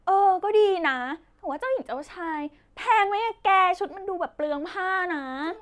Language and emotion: Thai, happy